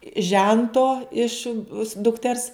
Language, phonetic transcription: Lithuanian, ˈžento iš dukˈters

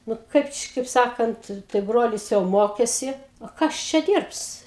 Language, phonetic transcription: Lithuanian, ˈnu ˈkaip či kaip ˈsakant tai ˈbrolis jau ˈmokesi o ˈkas ˈčia ˈdyrbs

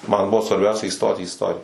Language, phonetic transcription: Lithuanian, man ˈbuvo svarˈbiausia įˈstoti į isˈtorija

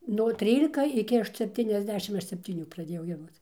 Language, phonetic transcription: Lithuanian, nuo ˈtrylika iˈki sepˌtyniasˈdešim ˈaš septyˈnių praˈdėjau gieˈdoc

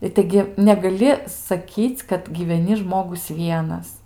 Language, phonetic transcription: Lithuanian, i ˈtaigi negaˈli saˈkyc' kad gyveˈni ˈžmogus ˈvienas

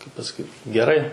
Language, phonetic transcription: Lithuanian, kaip pasaˈkyt geˈrai

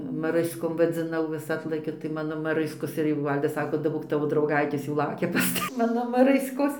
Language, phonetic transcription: Lithuanian, maˈrɨskom vadziˈnau vis ˈatlakia tai ˈmano maˈrɨskos ir jau ˈval'das ˈsako daˈbok ˈtavo drauˈgaitės jau ˈlaukia pas ˈta ˈmano maˈrɨskos

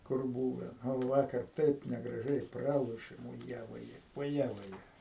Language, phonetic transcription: Lithuanian, kur ˈbūve ˈnu ˈvakar ˈtaip negraˈžiai ˈpralošėm uˈje voˈje voˈje vaˈje

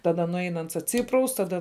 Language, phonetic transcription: Lithuanian, taˈda nuˈein ˈans atˈsypraus taˈda

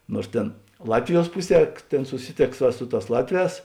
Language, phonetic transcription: Lithuanian, nuors ˈtėn ˈlatviˌjuos ˈpuˌsie ˈtėn suˈsiˌtėks va ˈsu ˌtās ˈlatˌvēs

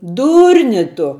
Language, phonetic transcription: Lithuanian, ˈdūrni ˈtu

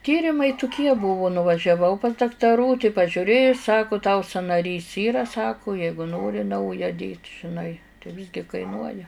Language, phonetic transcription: Lithuanian, ˈtyrimai tuˈkie ˈbuvu nuvažiaˈvau pas daktaˈrų tai pažiuˈrėju ˈsaku tau sanaˈrys ˈyra ˈsaku ˈjeigu ˈnori ˈnauja dėt' žiˈnai tai ˈvisgi kaiˈnuoja

